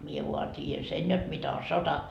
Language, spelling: Finnish, minä vain tiedän sen jotta mitä on sota
- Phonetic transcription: mie vua 't́iijän "sen jot mitä o "sota .

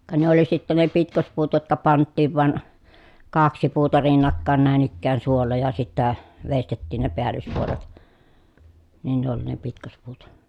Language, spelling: Finnish, ka ne oli sitten ne pitkospuut jotka pantiin vain kaksi puuta rinnakkain näin ikään suolla ja sitten veistettiin ne päällyspuolet niin ne oli ne pitkospuut
- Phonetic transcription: ka ne oli sitte ne pitkospuut jotka panttiiv van , kaksi puuta rinnakkàen nä̀en ‿ikkään suolla ja sittä , vestettiin ne peällyspuolet , nin ne ‿oli ne pitkospuut .

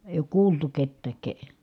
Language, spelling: Finnish, ei ole kuultu ketään -
- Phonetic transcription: èi̮ ook kuultu kettääk ke- ,.

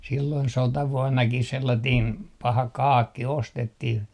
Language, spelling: Finnish, silloin sotavuonnakin sellainen paha kaakki ostettiin
- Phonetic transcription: silloin "sotavuɔnnakis 'sellatiin , 'paha "kaakki 'ostettih .

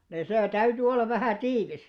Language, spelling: Finnish, niin se täytyi olla vähän tiivis
- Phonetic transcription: nii 'sè 'täyty 'ollav vähä̀ "tiivis .

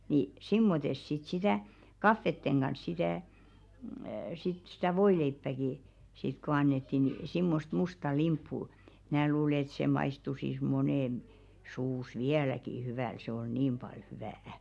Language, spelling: Finnish, niin semmoista sitten sitä kahvien kanssa sitä sitten sitä voileipääkin sitten kun annettiin niin semmoista mustaa limppua minä luulen että se maistuisi monen suussa vieläkin hyvältä se oli niin paljon hyvää
- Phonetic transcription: ni , 'simmotes sit sitä̀ , "kaffetteŋ ɢans 'sitä̀ , sit 'sitä "voileippäki , sit ko 'annetti ni simmost 'musta "limppu , mn̬ää 'luule ĕt sè maistusis "monèn , suus "viäläki 'hyväl se oi "niim ʙal 'hyvä̀₍ä .

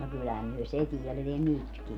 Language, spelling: Finnish, no kyllähän me se - vielä nytkin
- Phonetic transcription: no 'kyllähäm myö 'se tiɛl - viel 'nytki .

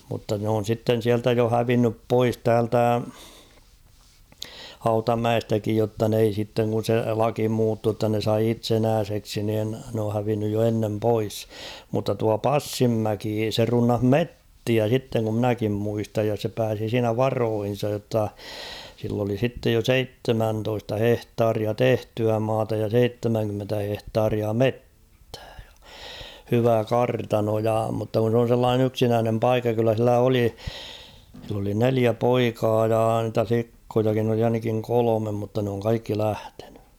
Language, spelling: Finnish, mutta ne on sitten sieltä jo hävinnyt pois täältä Hautamäestäkin jotta ne ei sitten kun se laki muuttui jotta ne sai itsenäiseksi niin ne on hävinnyt jo ennen pois mutta tuo Passinmäki se runnasi metsiä sitten kun minäkin muistan ja se pääsi siinä varoihinsa jotta sillä oli sitten jo seitsemäntoista hehtaaria tehtyä maata ja seitsemänkymmentä hehtaaria metsää ja hyvä kartano ja mutta kun se on sellainen yksinäinen paikka kyllä sillä oli sillä oli neljä poikaa ja niitä likkojakin oli ainakin kolme mutta ne on kaikki lähtenyt
- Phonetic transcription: mutta n ‿oon̬ 'sitten 'siältä jo 'hävinnyp "pois 'täältä , 'Hauta''mäestäkij jotta n ‿ei sitteŋ kun̬ 'se "laki muuttuu ‿tta ne 'sai "itsenääseksi niin , n ‿oo hävinnyj jo 'ennem "pois , mutta tua "Passimmäki se 'runnah "mettiä sitteŋ kum 'mⁱnäkim 'muistaj ja se 'pääsi 'siinä "varoohin̬saj jotta , sill ‿oli 'sittej jo "seittemäntoista 'hehtaaria "tehtyä 'maata ja "seittemäŋkymmentä 'hehtaaria "mettᴀ̈ᴀ̈ ᴊᴀ , 'hyvä "kartano ja mutta kun̬ s ‿on̬ sellaanen ‿'yksinäänem "paikka kyllä sillä 'oli , sill ‿oli 'neliä "poikaa jaa ‿ntä 'flikkojakin ‿oli ainakiŋ "kolomem mutta n ‿ooŋ 'kaikki 'lähtᴇɴʏ .

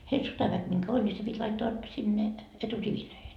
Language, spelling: Finnish, heillä sotaväkeä minkä oli niin se piti laittaa sinne eturiveihin
- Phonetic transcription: heil 'sotaväk miŋkä 'ol ni se pit́ 'laittoa , 'sinne , "eturivilöihen .

